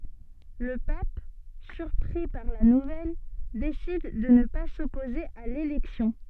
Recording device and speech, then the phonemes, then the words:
soft in-ear microphone, read sentence
lə pap syʁpʁi paʁ la nuvɛl desid də nə pa sɔpoze a lelɛksjɔ̃
Le pape, surpris par la nouvelle, décide de ne pas s'opposer à l'élection.

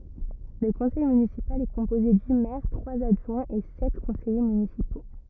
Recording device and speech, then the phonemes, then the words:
rigid in-ear microphone, read sentence
lə kɔ̃sɛj mynisipal ɛ kɔ̃poze dy mɛʁ tʁwaz adʒwɛ̃z e sɛt kɔ̃sɛje mynisipo
Le conseil municipal est composé du maire, trois adjoints et sept conseillers municipaux.

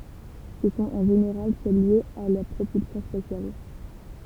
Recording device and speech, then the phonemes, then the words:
temple vibration pickup, read sentence
sə sɔ̃t ɑ̃ ʒeneʁal sɛl ljez a la pʁopylsjɔ̃ spasjal
Ce sont en général celles liées à la propulsion spatiale.

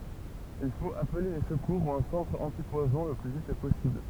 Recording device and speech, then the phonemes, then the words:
temple vibration pickup, read sentence
il fot aple le səkuʁ u œ̃ sɑ̃tʁ ɑ̃tipwazɔ̃ lə ply vit pɔsibl
Il faut appeler les secours ou un centre antipoison le plus vite possible.

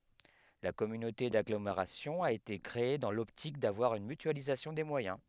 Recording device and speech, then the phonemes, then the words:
headset microphone, read sentence
la kɔmynote daɡlomeʁasjɔ̃ a ete kʁee dɑ̃ lɔptik davwaʁ yn mytyalizasjɔ̃ de mwajɛ̃
La communauté d’agglomération a été créée dans l’optique d’avoir une mutualisation des moyens.

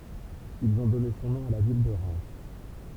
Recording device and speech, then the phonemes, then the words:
temple vibration pickup, read sentence
ilz ɔ̃ dɔne sɔ̃ nɔ̃ a la vil də ʁɛm
Ils ont donné son nom à la ville de Reims.

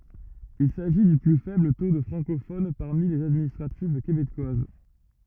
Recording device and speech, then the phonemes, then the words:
rigid in-ear microphone, read sentence
il saʒi dy ply fɛbl to də fʁɑ̃kofon paʁmi lez administʁativ kebekwaz
Il s’agit du plus faible taux de francophones parmi les administratives québécoises.

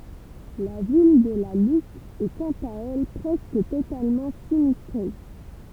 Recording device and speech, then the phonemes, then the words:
temple vibration pickup, read sentence
la vil də la lup ɛ kɑ̃t a ɛl pʁɛskə totalmɑ̃ sinistʁe
La ville de La Loupe est quant à elle presque totalement sinistrée.

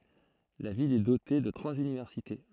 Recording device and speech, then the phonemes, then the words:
throat microphone, read sentence
la vil ɛ dote də tʁwaz ynivɛʁsite
La ville est dotée de trois universités.

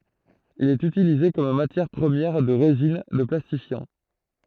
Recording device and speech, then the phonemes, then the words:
throat microphone, read sentence
il ɛt ytilize kɔm matjɛʁ pʁəmjɛʁ də ʁezin də plastifjɑ̃
Il est utilisé comme matière première de résines, de plastifiants.

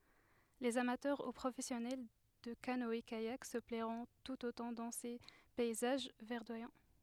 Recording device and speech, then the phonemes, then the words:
headset microphone, read sentence
lez amatœʁ u pʁofɛsjɔnɛl də kanɔɛkajak sə plɛʁɔ̃ tut otɑ̃ dɑ̃ se pɛizaʒ vɛʁdwajɑ̃
Les amateurs ou professionnels de canoë-kayak se plairont tout autant dans ces paysages verdoyants.

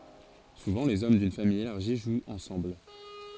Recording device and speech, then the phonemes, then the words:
forehead accelerometer, read sentence
suvɑ̃ lez ɔm dyn famij elaʁʒi ʒwt ɑ̃sɑ̃bl
Souvent les hommes d'une famille élargie jouent ensemble.

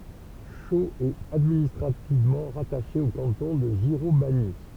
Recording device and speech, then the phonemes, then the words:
temple vibration pickup, read sentence
ʃoz ɛt administʁativmɑ̃ ʁataʃe o kɑ̃tɔ̃ də ʒiʁomaɲi
Chaux est administrativement rattachée au canton de Giromagny.

